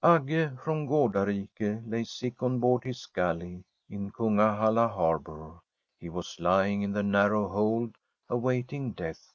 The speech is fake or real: real